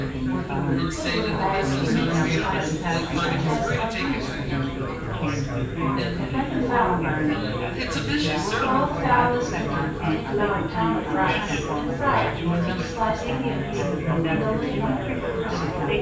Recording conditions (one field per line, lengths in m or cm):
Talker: one person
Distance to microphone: 9.8 m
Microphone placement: far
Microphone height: 1.8 m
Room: large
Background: babble